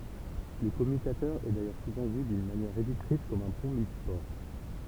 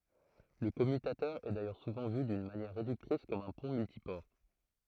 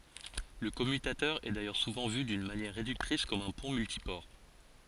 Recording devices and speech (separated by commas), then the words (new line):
temple vibration pickup, throat microphone, forehead accelerometer, read sentence
Le commutateur est d'ailleurs souvent vu d'une manière réductrice comme un pont multiport.